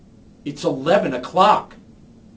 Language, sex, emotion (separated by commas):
English, male, angry